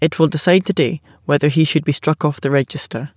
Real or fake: real